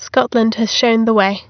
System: none